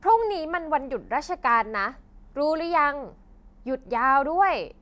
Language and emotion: Thai, frustrated